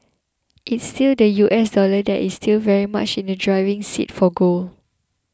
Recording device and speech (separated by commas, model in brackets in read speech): close-talking microphone (WH20), read sentence